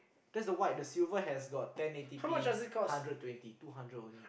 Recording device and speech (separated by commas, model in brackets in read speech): boundary microphone, conversation in the same room